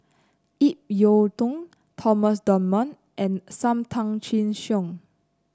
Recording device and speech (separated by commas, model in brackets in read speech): close-talking microphone (WH30), read sentence